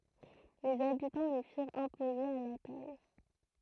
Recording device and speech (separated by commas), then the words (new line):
throat microphone, read sentence
Les habitants le firent imposer à la taille.